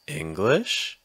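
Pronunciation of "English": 'English' is said with rising intonation.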